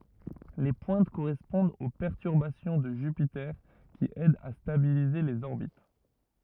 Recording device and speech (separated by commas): rigid in-ear microphone, read sentence